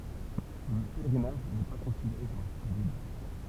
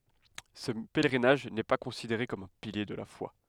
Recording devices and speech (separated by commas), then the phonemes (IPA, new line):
temple vibration pickup, headset microphone, read sentence
sə pɛlʁinaʒ nɛ pa kɔ̃sideʁe kɔm œ̃ pilje də la fwa